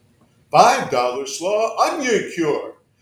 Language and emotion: English, happy